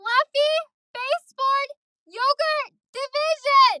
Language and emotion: English, angry